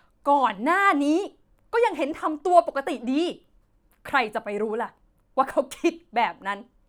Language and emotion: Thai, angry